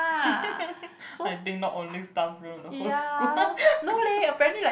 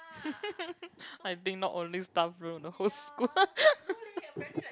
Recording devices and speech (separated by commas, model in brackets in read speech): boundary microphone, close-talking microphone, conversation in the same room